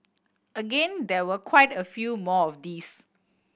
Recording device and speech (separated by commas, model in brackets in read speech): boundary microphone (BM630), read sentence